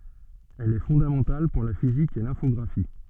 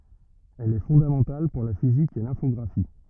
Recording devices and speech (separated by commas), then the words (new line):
soft in-ear microphone, rigid in-ear microphone, read sentence
Elle est fondamentale pour la physique et l'infographie.